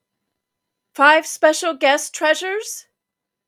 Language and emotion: English, surprised